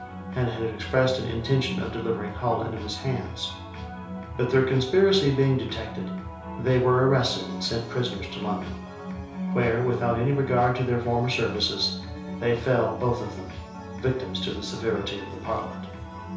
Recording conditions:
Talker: one person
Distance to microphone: 3.0 m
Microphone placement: far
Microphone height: 1.8 m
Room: small (3.7 m by 2.7 m)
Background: music

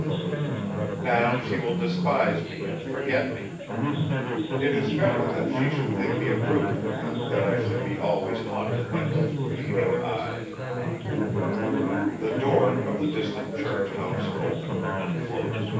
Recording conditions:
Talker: one person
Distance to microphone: 9.8 m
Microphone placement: far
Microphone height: 1.8 m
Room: large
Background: babble

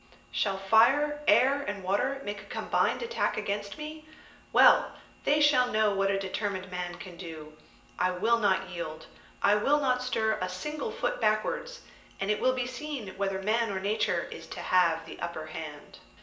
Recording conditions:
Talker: one person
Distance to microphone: 1.8 m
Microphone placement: close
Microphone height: 1.0 m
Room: large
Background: none

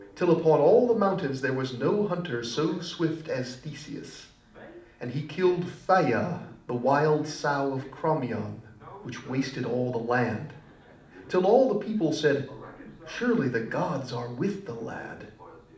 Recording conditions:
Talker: one person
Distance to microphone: 2.0 m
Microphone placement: close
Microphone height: 99 cm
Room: medium-sized (5.7 m by 4.0 m)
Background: television

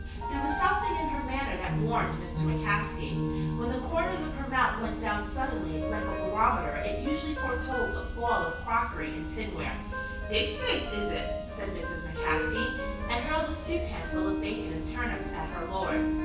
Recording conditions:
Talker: one person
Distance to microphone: 9.8 m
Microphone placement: far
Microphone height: 1.8 m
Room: large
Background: music

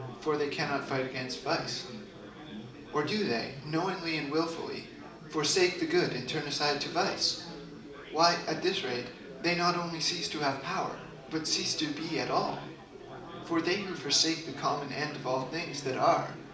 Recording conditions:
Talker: one person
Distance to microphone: 2.0 m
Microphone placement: close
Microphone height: 99 cm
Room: medium-sized (5.7 m by 4.0 m)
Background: babble

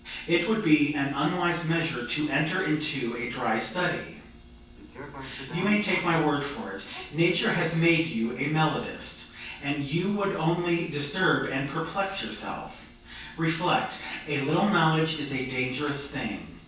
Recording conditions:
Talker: one person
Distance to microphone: 9.8 m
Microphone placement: far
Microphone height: 1.8 m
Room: large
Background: television

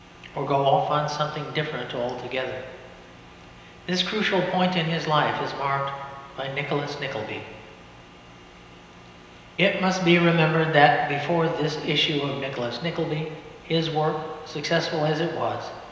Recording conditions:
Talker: one person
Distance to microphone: 1.7 m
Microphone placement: close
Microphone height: 1.0 m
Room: very reverberant, large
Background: none

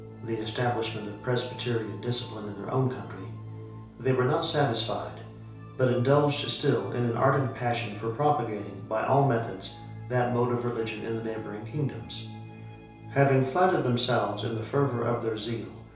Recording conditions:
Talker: one person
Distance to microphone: 3.0 m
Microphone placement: far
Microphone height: 1.8 m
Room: small (3.7 m by 2.7 m)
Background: music

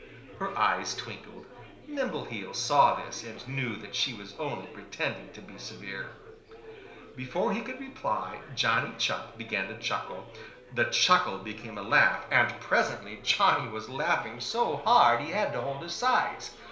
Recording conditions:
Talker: one person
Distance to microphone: 1.0 m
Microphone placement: close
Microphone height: 1.1 m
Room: small (3.7 m by 2.7 m)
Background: babble

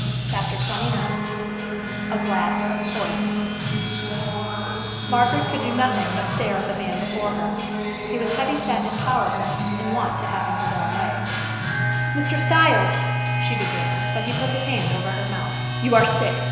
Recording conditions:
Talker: one person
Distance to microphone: 1.7 m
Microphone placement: close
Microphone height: 1.0 m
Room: very reverberant, large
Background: music

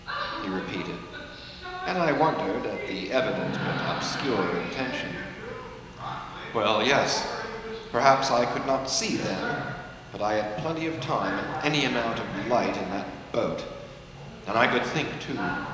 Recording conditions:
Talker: one person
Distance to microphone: 1.7 m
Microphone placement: close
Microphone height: 1.0 m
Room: very reverberant, large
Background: television

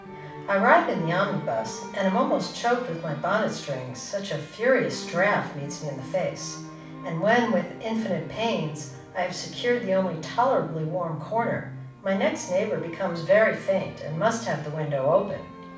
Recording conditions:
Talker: one person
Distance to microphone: 5.8 m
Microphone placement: far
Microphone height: 1.8 m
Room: medium-sized (5.7 m by 4.0 m)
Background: music

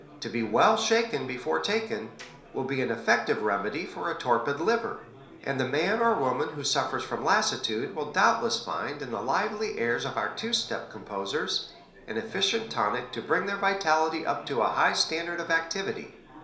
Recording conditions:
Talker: one person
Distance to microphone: 1.0 m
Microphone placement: close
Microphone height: 1.1 m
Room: small (3.7 m by 2.7 m)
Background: babble

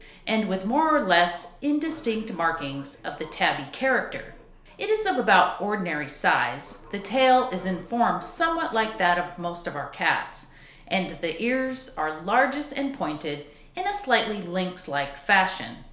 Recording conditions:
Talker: one person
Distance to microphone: 1.0 m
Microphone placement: close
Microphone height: 1.1 m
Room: small (3.7 m by 2.7 m)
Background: television

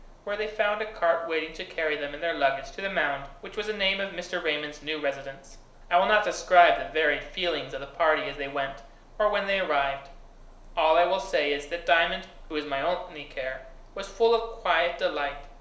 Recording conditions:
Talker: one person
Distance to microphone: 1.0 m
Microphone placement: close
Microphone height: 1.1 m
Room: small (3.7 m by 2.7 m)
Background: none

